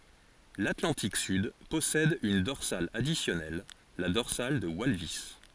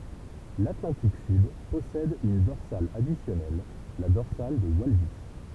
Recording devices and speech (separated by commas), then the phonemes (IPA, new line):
forehead accelerometer, temple vibration pickup, read sentence
latlɑ̃tik syd pɔsɛd yn dɔʁsal adisjɔnɛl la dɔʁsal də walvis